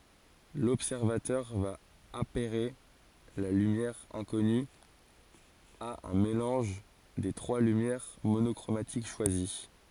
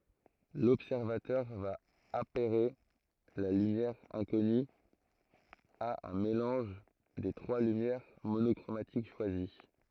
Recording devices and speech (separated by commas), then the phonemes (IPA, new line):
forehead accelerometer, throat microphone, read sentence
lɔbsɛʁvatœʁ va apɛʁe la lymjɛʁ ɛ̃kɔny a œ̃ melɑ̃ʒ de tʁwa lymjɛʁ monɔkʁomatik ʃwazi